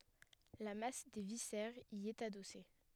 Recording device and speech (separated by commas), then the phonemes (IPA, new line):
headset microphone, read sentence
la mas de visɛʁz i ɛt adɔse